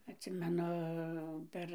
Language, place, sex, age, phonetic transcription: Lithuanian, Dzūkija, female, 60+, atˈsimenu ˈper

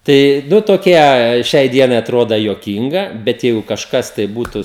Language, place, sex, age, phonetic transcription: Lithuanian, Žemaitija, male, 18-60, ˈtai ˈnu toˈkie ˈšiai ˈdienai aˈtroda juoˈkynga ˈbet ˈjeigu kažˈkas tai ˈbūtu

